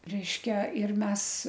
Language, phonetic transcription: Lithuanian, ˈreiškia ir ˈmes

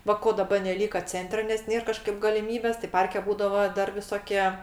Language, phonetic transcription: Lithuanian, ˈva ˈko daˈba neˈlyka ˈcentre nes ˈnėr ˈkažkaip galiˈmybės tai ˈparke ˈbūdavo ˈdar viˈsokie

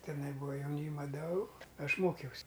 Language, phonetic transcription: Lithuanian, tiˈnai ˈbūa jauˈnyma ˈdau ˈaš ˈmokiaus'

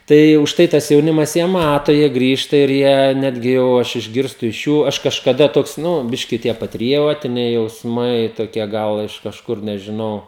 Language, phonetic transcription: Lithuanian, ˈtai užˈtai tas jauˈnimas jie ˈmato jie ˈgrįžta ir ˈjie ˈnetgi jau ˈaš išˈgirstu iš ˈjų ˈaš kažkaˈda ˈtoks ˈnu ˈbiški tie patriˈjotiniai jausˈmai toˈkie ˈgal iš kažˈkur nežiˈnau

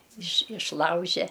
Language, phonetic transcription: Lithuanian, iš išˈlauže

